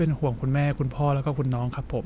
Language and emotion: Thai, frustrated